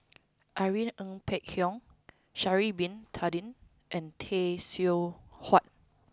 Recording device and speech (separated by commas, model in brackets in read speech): close-talking microphone (WH20), read sentence